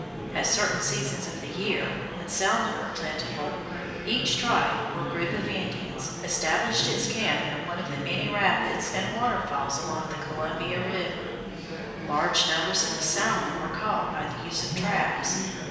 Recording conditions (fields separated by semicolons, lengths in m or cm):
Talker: one person; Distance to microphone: 1.7 m; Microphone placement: close; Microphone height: 1.0 m; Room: very reverberant, large; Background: babble